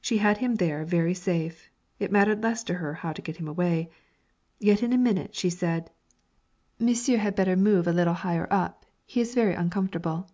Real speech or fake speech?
real